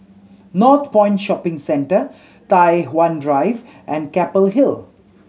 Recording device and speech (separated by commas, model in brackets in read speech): mobile phone (Samsung C7100), read sentence